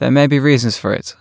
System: none